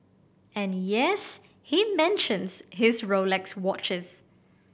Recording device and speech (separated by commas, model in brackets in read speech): boundary microphone (BM630), read sentence